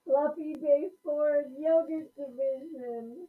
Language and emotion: English, happy